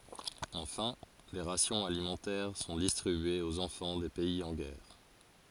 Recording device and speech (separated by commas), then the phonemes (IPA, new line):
forehead accelerometer, read sentence
ɑ̃fɛ̃ de ʁasjɔ̃z alimɑ̃tɛʁ sɔ̃ distʁibyez oz ɑ̃fɑ̃ de pɛiz ɑ̃ ɡɛʁ